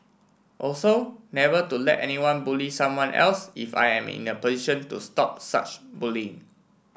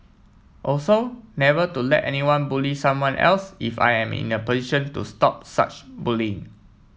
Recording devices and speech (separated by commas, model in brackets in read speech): boundary microphone (BM630), mobile phone (iPhone 7), read sentence